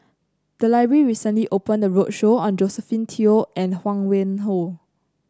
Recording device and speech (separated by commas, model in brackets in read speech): close-talking microphone (WH30), read sentence